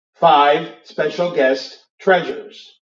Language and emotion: English, neutral